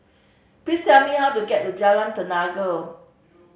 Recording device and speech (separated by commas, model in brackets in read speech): mobile phone (Samsung C5010), read sentence